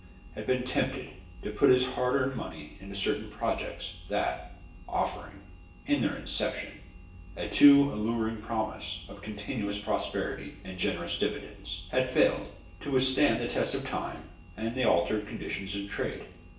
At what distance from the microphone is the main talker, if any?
1.8 m.